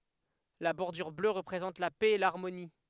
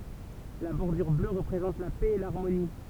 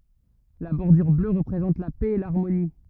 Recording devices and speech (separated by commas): headset microphone, temple vibration pickup, rigid in-ear microphone, read sentence